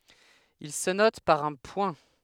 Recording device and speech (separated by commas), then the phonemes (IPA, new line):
headset microphone, read sentence
il sə nɔt paʁ œ̃ pwɛ̃